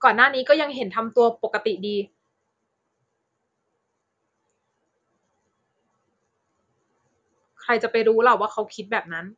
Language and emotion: Thai, frustrated